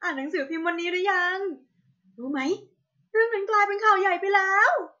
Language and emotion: Thai, happy